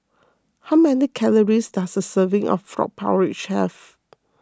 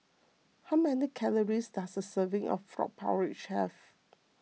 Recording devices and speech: close-talking microphone (WH20), mobile phone (iPhone 6), read sentence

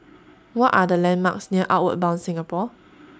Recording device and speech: standing microphone (AKG C214), read sentence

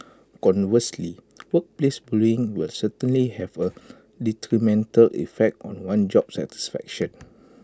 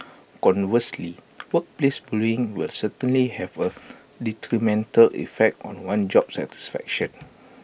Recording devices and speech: close-talking microphone (WH20), boundary microphone (BM630), read sentence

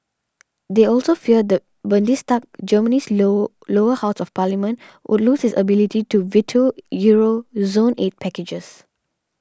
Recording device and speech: standing microphone (AKG C214), read sentence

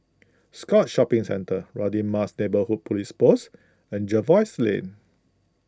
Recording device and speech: close-talking microphone (WH20), read sentence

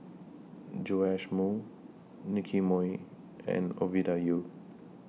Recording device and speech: mobile phone (iPhone 6), read sentence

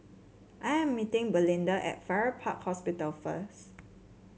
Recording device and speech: mobile phone (Samsung C7), read sentence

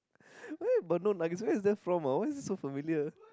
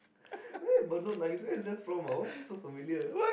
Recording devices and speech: close-talking microphone, boundary microphone, conversation in the same room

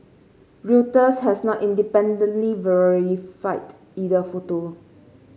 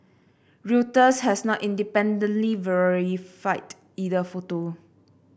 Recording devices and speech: mobile phone (Samsung C5), boundary microphone (BM630), read sentence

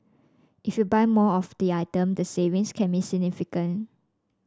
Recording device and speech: standing microphone (AKG C214), read sentence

